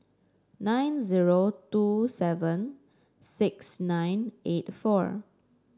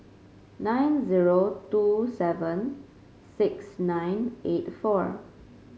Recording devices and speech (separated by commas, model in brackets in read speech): standing microphone (AKG C214), mobile phone (Samsung C5), read sentence